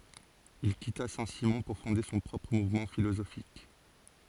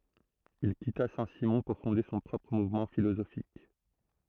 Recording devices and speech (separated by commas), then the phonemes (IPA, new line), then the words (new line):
forehead accelerometer, throat microphone, read sentence
il kita sɛ̃ simɔ̃ puʁ fɔ̃de sɔ̃ pʁɔpʁ muvmɑ̃ filozofik
Il quitta Saint-Simon pour fonder son propre mouvement philosophique.